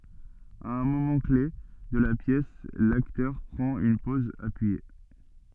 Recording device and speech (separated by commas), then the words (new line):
soft in-ear microphone, read sentence
À un moment-clef de la pièce, l'acteur prend une pose appuyée.